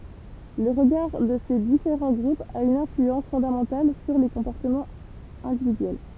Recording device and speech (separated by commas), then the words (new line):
temple vibration pickup, read sentence
Le regard de ces différents groupes a une influence fondamentale sur les comportements individuels.